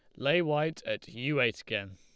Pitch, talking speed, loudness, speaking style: 150 Hz, 205 wpm, -31 LUFS, Lombard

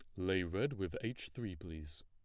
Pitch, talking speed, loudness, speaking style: 95 Hz, 195 wpm, -41 LUFS, plain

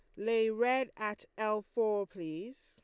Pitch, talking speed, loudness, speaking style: 215 Hz, 150 wpm, -34 LUFS, Lombard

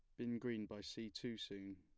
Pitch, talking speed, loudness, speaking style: 105 Hz, 230 wpm, -47 LUFS, plain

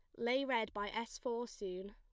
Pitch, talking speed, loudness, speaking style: 230 Hz, 210 wpm, -40 LUFS, plain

